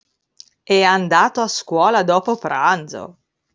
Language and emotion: Italian, surprised